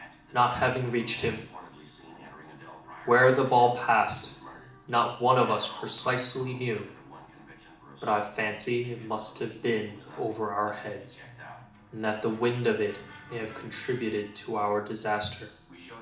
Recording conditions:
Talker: one person; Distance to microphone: 2.0 m; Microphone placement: close; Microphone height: 99 cm; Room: medium-sized (5.7 m by 4.0 m); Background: television

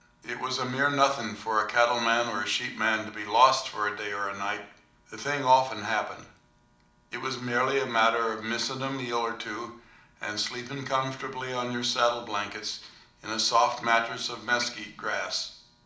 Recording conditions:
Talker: one person; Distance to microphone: 2.0 m; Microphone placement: close; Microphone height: 99 cm; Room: medium-sized (5.7 m by 4.0 m); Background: none

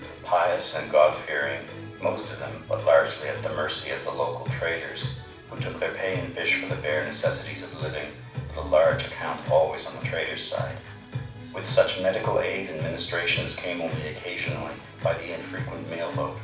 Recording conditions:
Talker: one person; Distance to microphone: 5.8 m; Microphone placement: far; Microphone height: 1.8 m; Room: medium-sized (5.7 m by 4.0 m); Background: music

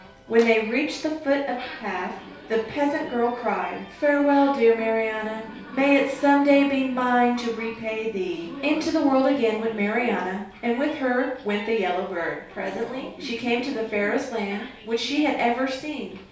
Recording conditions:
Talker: one person; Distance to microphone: 3.0 m; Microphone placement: far; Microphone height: 1.8 m; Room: small (3.7 m by 2.7 m); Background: television

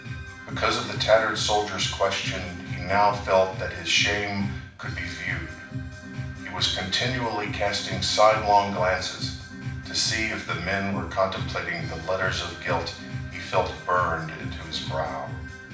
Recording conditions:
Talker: one person; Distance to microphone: 5.8 m; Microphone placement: far; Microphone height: 1.8 m; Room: medium-sized (5.7 m by 4.0 m); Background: music

